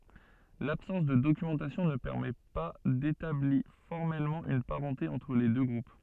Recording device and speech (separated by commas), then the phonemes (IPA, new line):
soft in-ear microphone, read sentence
labsɑ̃s də dokymɑ̃tasjɔ̃ nə pɛʁmɛ pa detabli fɔʁmɛlmɑ̃ yn paʁɑ̃te ɑ̃tʁ le dø ɡʁup